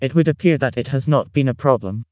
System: TTS, vocoder